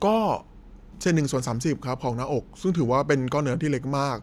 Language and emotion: Thai, neutral